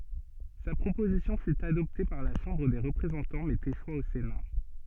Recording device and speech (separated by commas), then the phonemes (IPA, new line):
soft in-ear microphone, read sentence
sa pʁopozisjɔ̃ fy adɔpte paʁ la ʃɑ̃bʁ de ʁəpʁezɑ̃tɑ̃ mɛz eʃwa o sena